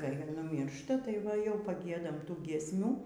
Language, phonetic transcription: Lithuanian, kai nuˈmyršta tai ˈva jau paˈgiedam ˈtų giesˈmių

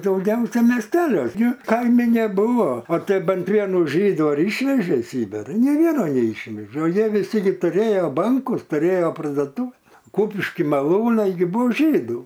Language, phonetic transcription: Lithuanian, dauˈgiausia mesˈteliuos gi ˈkaimi neˈbuvo o ˈtei ˈbent ˈvienu ˈžydu ˈišvežė i ˈsibira nei ˈvieno neˈišvežė o ˈjie viˈsi gi tuˈrėjo ˈbankus tuˈrėjo pardoˈtuve ˈkupišky maˈlūnai gi ˈbuo ˈžydų

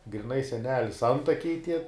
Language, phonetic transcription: Lithuanian, griˈnai seˈnelis ˈantakiai tie

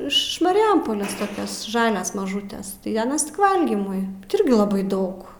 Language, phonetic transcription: Lithuanian, iš mariˈjampolės toˈkias ˈžalias maˈžūtes tai aˈnas tik ˈvalgymui ˈirgi laˈbai ˈdaug

